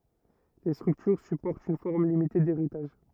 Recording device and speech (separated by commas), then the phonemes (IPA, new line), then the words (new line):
rigid in-ear microphone, read sentence
le stʁyktyʁ sypɔʁtt yn fɔʁm limite deʁitaʒ
Les structures supportent une forme limitée d'héritage.